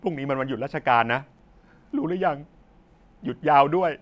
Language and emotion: Thai, sad